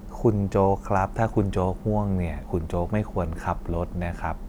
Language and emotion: Thai, neutral